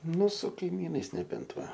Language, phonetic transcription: Lithuanian, ˈnu su kaiˈmynais neˈbent ˈva

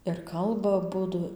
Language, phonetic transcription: Lithuanian, ir ˈkalba aˈbudu

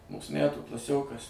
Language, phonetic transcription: Lithuanian, ˈmūs ˈmætų klaˈsiokas

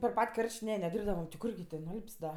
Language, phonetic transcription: Lithuanian, per ˈpat' ˈkarš't' ˈne neˈdyrbdavam ti ˈkurgi tė nuˈalp's' da

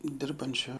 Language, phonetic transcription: Lithuanian, ˈdirbančio

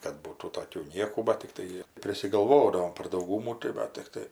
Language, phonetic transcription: Lithuanian, kad ˈbūtų toˈkių ˈniekų bat tikˈtai prisigalˈvodavom par dauˈgūmų tai ˈva tikˈtai

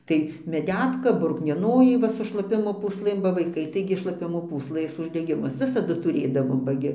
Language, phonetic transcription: Lithuanian, ˈtai meˈdetka bruknieˈnojai ˈva su šlaˈpimo pusˈlɘm ba vaiˈkai taigi šlaˈpimo pūsˈlɘs uždeˈgimus ˈvisadu tuˈrėdavom ba ˈgi

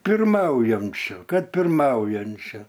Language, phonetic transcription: Lithuanian, pirˈmaujamčiu ˈkad pirˈmaujančiu

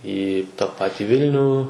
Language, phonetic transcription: Lithuanian, į ta ˈpati ˈvilnių

